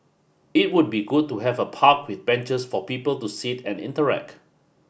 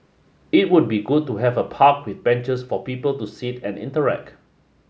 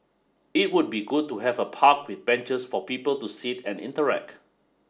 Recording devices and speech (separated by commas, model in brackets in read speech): boundary microphone (BM630), mobile phone (Samsung S8), standing microphone (AKG C214), read sentence